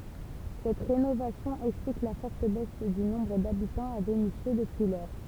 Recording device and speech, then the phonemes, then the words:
temple vibration pickup, read sentence
sɛt ʁenovasjɔ̃ ɛksplik la fɔʁt bɛs dy nɔ̃bʁ dabitɑ̃z a venisjø dəpyi lɔʁ
Cette rénovation explique la forte baisse du nombre d'habitants à Vénissieux depuis lors.

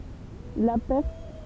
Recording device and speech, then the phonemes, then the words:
temple vibration pickup, read sentence
la pɛʁ
La pers.

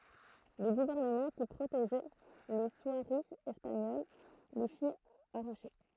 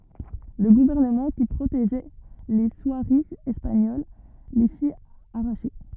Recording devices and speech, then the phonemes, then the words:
throat microphone, rigid in-ear microphone, read sentence
lə ɡuvɛʁnəmɑ̃ ki pʁoteʒɛ le swaʁiz ɛspaɲol le fi aʁaʃe
Le gouvernement qui protégeait les soieries espagnoles les fit arracher.

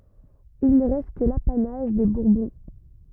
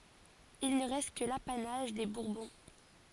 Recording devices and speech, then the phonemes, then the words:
rigid in-ear microphone, forehead accelerometer, read sentence
il nə ʁɛst kə lapanaʒ de buʁbɔ̃
Il ne reste que l'apanage des Bourbons.

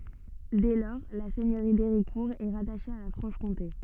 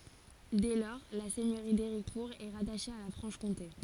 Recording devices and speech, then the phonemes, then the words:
soft in-ear microphone, forehead accelerometer, read sentence
dɛ lɔʁ la sɛɲøʁi deʁikuʁ ɛ ʁataʃe a la fʁɑ̃ʃkɔ̃te
Dès lors, la seigneurie d’Héricourt est rattachée à la Franche-Comté.

